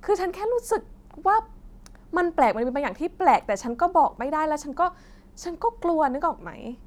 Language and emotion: Thai, frustrated